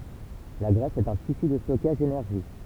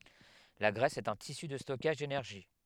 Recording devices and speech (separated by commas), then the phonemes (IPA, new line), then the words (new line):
temple vibration pickup, headset microphone, read sentence
la ɡʁɛs ɛt œ̃ tisy də stɔkaʒ denɛʁʒi
La graisse est un tissu de stockage d'énergie.